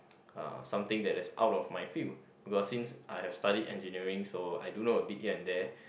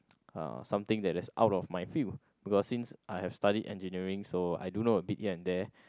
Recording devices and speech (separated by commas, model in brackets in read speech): boundary microphone, close-talking microphone, conversation in the same room